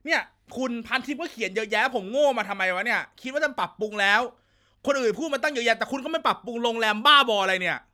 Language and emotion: Thai, angry